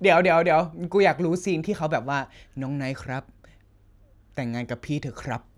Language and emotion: Thai, happy